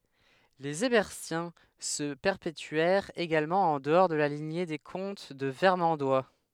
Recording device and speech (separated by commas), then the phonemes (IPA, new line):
headset microphone, read sentence
lez ɛʁbɛʁtjɛ̃ sə pɛʁpetyɛʁt eɡalmɑ̃ ɑ̃ dəɔʁ də la liɲe de kɔ̃t də vɛʁmɑ̃dwa